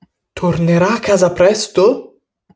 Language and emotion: Italian, surprised